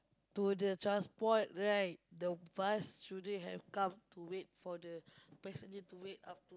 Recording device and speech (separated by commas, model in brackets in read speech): close-talking microphone, conversation in the same room